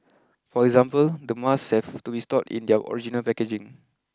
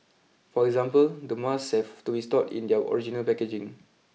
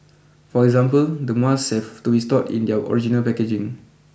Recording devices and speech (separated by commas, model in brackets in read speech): close-talking microphone (WH20), mobile phone (iPhone 6), boundary microphone (BM630), read sentence